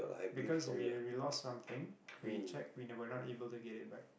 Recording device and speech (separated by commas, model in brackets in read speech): boundary microphone, conversation in the same room